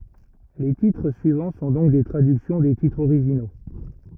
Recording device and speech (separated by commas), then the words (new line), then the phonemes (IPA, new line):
rigid in-ear microphone, read sentence
Les titres suivants sont donc des traductions des titres originaux.
le titʁ syivɑ̃ sɔ̃ dɔ̃k de tʁadyksjɔ̃ de titʁz oʁiʒino